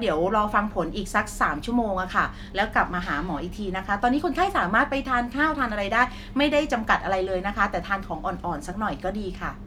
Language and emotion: Thai, neutral